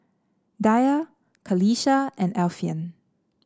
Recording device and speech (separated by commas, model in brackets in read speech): standing microphone (AKG C214), read sentence